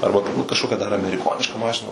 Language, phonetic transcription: Lithuanian, ˈarba ˈturbūt kažˈkokia dar ameriˈkoniška ˈmašina

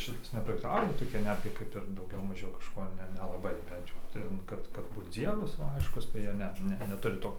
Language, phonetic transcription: Lithuanian, ˈšitas nepraktiˈkavo toˈki ˈnetgi ˈkaip ir ˈdaugiau ˈmažiau kažˈko ˈne nelaˈbai ˈbent jau ˈten ˈkad kad ˈbūt ˈdzievas va ˈaiškus tai ˈjie ˈne ˈne neˈturi ˈto

